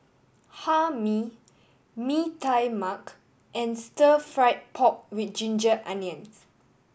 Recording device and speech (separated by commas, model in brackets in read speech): boundary microphone (BM630), read sentence